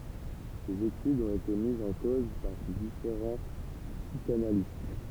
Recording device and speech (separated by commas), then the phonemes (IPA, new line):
temple vibration pickup, read sentence
sez etydz ɔ̃t ete mizz ɑ̃ koz paʁ difeʁɑ̃ psikanalist